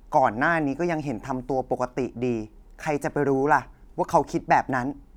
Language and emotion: Thai, frustrated